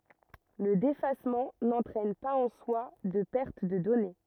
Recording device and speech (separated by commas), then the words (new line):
rigid in-ear microphone, read sentence
Le défacement n'entraîne pas en soi de perte de données.